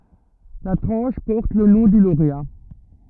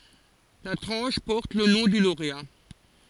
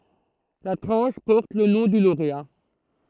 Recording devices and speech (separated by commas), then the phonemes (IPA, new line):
rigid in-ear microphone, forehead accelerometer, throat microphone, read sentence
la tʁɑ̃ʃ pɔʁt lə nɔ̃ dy loʁea